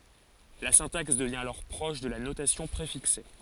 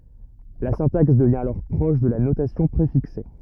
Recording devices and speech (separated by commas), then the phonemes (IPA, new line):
forehead accelerometer, rigid in-ear microphone, read sentence
la sɛ̃taks dəvjɛ̃ alɔʁ pʁɔʃ də la notasjɔ̃ pʁefikse